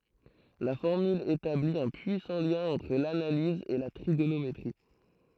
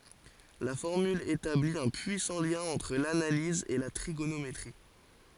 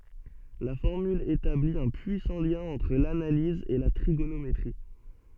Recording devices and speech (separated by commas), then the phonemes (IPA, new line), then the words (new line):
throat microphone, forehead accelerometer, soft in-ear microphone, read sentence
la fɔʁmyl etabli œ̃ pyisɑ̃ ljɛ̃ ɑ̃tʁ lanaliz e la tʁiɡonometʁi
La formule établit un puissant lien entre l'analyse et la trigonométrie.